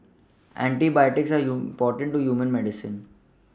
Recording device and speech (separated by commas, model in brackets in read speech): standing microphone (AKG C214), read sentence